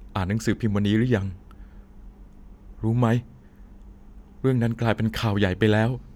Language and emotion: Thai, sad